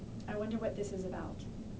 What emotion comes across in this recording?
neutral